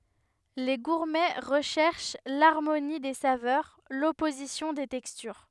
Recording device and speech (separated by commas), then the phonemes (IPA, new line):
headset microphone, read sentence
le ɡuʁmɛ ʁəʃɛʁʃ laʁmoni de savœʁ lɔpozisjɔ̃ de tɛkstyʁ